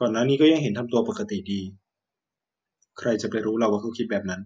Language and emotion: Thai, neutral